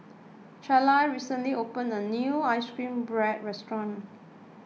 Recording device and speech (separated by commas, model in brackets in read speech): mobile phone (iPhone 6), read sentence